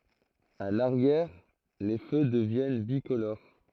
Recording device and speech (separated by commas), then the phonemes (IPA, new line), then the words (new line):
throat microphone, read sentence
a laʁjɛʁ le fø dəvjɛn bikoloʁ
A l'arrière, les feux deviennent bicolores.